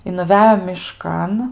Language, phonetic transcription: Lithuanian, i nuˈvejo miˈškan

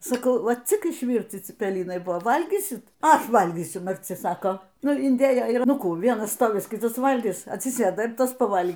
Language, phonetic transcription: Lithuanian, saˈkau ˈva cik išˈvyrci cipeˈlinai ˈbuvo ˈvalgysit ˈaš ˈvalgysiu marˈci ˈsako ˈnu inˈdėjo ir ˈnu ˈkų ˈvienas ˈstovis ˈkitas ˈvalgis atsiˈsėda ir ˈtas paˈval'

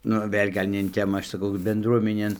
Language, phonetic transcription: Lithuanian, ˈnu ˈvėl' gal' ne in ˈtemą ˈaš saˈkau benˈdruomenėn

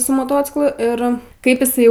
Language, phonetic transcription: Lithuanian, su moˈtociklu ˈir ˈkaip iˈsai

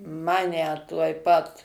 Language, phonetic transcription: Lithuanian, ˈmane tuoj ˈpat

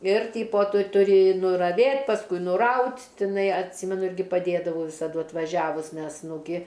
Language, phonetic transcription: Lithuanian, ir ˈtypo ˈtu tuˈri nuraˈvėt pasˈkui nuˈraut' tiˈnai atˈsymenu ˈirgi paˈdėdavau visaˈdu atvaˈžiavus ˈnes nu ˈgi

